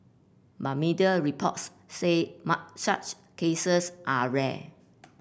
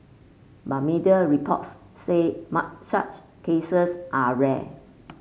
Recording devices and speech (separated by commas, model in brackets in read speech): boundary microphone (BM630), mobile phone (Samsung C5), read sentence